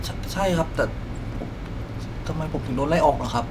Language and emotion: Thai, frustrated